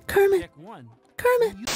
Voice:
high pitched voice